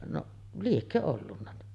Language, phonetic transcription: Finnish, noˀ , 'liekkö ollunna .
- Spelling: no liekö ollut

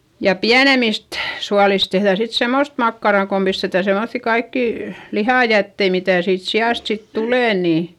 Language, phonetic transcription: Finnish, ja piänemist , sualis tehδä̀ sit semmost makkarà kom pistetä semoϑϑi kaikkì , lihàjättei mitä̀ siit si₍àst sit tulè nì .
- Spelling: ja pienemmistä suolista tehdään sitten semmoista makkaraa kun pistetään semmoisia kaikkia lihajätteitä mitä siitä siasta sitten tulee niin

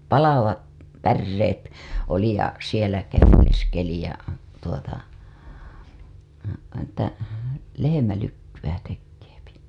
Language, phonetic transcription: Finnish, 'palavat , 'pärreet , oli ja sielä käveleskeli ja , tuota , että , lehemälykkywä tekkeepi .
- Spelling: palavat päreet oli ja siellä käveleskeli ja tuota että lehmälykkyä tekee

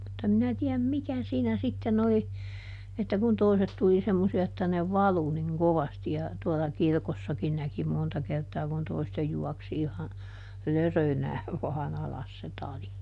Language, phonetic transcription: Finnish, mutt ‿em ˈminä tiäm "mikä siinä ˈsitten ‿oli , että kun ˈtoiset tuli ˈsemmosi₍a että ne "valu niŋ ˈkovasti ja , tuɔla "kirkossakin ˈnäki ˈmonta kertaa kun ˈtoistej ˈjuaksi iha , "lörönääv vaaˈn ‿alas se ˈtali .
- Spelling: mutta en minä tiedä mikä siinä sitten oli että kun toiset tuli semmoisia että ne valui niin kovasti ja tuolla kirkossakin näki monta kertaa kun toisten juoksi ihan lörönään vain alas se tali

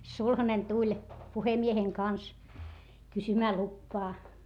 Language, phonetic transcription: Finnish, no niin , sulhanen tuĺ , puhemieheŋ kans , kysymää luppaa .
- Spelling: no niin sulhanen tuli puhemiehen kanssa kysymään lupaa

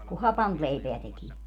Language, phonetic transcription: Finnish, ku "hapant 'leipeä 'tekii(vät) .
- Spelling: kun hapanta leipää tekivät

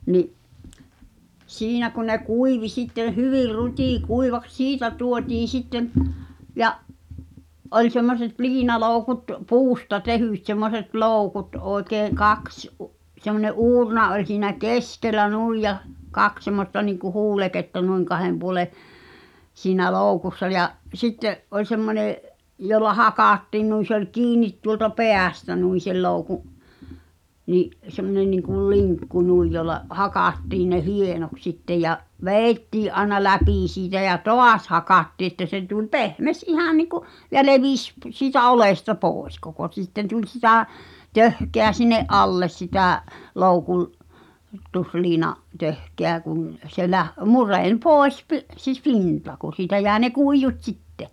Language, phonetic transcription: Finnish, 'ni’ , 'siinä kun̆ ne "kuivi sitteḛ 'hyvir "rut́i'kuivaks 'siitä 'tuotiin̬ 'sitteᵐ , 'ja’ , ’oĺ semmoset 'liinalòu̬kut 'puusta "tehỳt semmoset "lòukut ’òi̬kee 'kaks , ’u- , semmońe’ '’uurna oĺ siinä "keskellä 'nùij ja , "kaks semmosta niŋku "huuleketta nuiŋ kahem puŏle , siinä "lòukussa ja’ , 'sitte’ , ’oĺ semmonè’ , jolla 'hakáttiin nuin̬ se ‿oĺ "kiinit tuolta 'pè̳ä̳̀stä nuin̬ sel 'louku’ , 'ni’ , semmonen niŋkul "liŋkku 'nuij jolla , "hakàttiin ne "hienoks sitte ja’ , "veeⁱttii’ ’aĕna 'läpì siitä ja "toas 'hakattii ᵉttä se tuĺ 'pehmes "’ihà nìku , ja 'levis p- , siitä 'olesta "pooᵉs koko ᵗsitten tuĺ 'sitä , "töhkeä sin̆ne’ '’alles sitä̀ , 'loukul- , -tusliina’ , 'töhkeä kuŋ , se 'läh- , 'murèń "pòes pi- , s(e 'p)inta ku 'siitä jäe ne "kuijjut 'sitte .
- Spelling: niin siinä kun ne kuivui sitten hyvin rutikuivaksi siitä tuotiin sitten ja oli semmoiset liinaloukut puusta tehdyt semmoiset loukut oikein kaksi - semmoinen uurna oli siinä keskellä niin ja kaksi semmoista niin kuin huuleketta niin kahden puolen siinä loukussa ja sitten oli semmoinen jolla hakattiin noin se oli kiinni tuolta päästä noin sen loukun niin semmoinen niin kuin linkku noin jolla hakattiin ne hienoksi sitten ja vedettiin aina läpi siitä ja taas hakattiin että se tuli pehmeä ihan niin kuin ja levisi - siitä oljesta pois koko sitten tuli sitä töhkää sinne alle sitä - loukutusliinan töhkää kun se - mureni pois - se pinta kun siitä jäi ne kuidut sitten

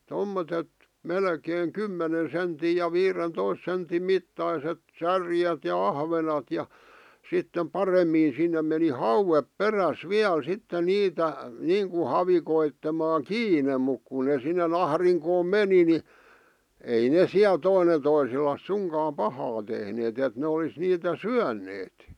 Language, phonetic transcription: Finnish, tommotet , 'melkeeŋ "kymmenen̬ senti ja 'viiren'tois sentim 'mittaiset 'särjet ja 'ahvenat ja , 'sittem "paremmii sinnem̆ meni "hauwep "peräs "viäl 'sitte 'niitä , "niiŋku 'havikoittemaa "kiine muk ku ne sinne'n ‿ahriŋkoom "meni ni , 'ei ne ̳ 'siäl 'toine toisellas 'suŋkaam "pahaa tehneet ‿et ne olis niitä "syän̆neet .
- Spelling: tuommoiset melkein kymmenen sentin ja viidentoista sentin mittaiset särjet ja ahvenet ja sitten paremmin sinne meni hauet perässä vielä sitten niitä niin kuin havikoitsemaan kiinni mutta kun ne sinne ahdinkoon meni niin ei ne siellä toinen toiselleen suinkaan pahaa tehneet että ne olisi niitä syöneet

